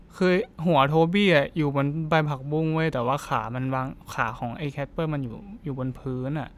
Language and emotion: Thai, neutral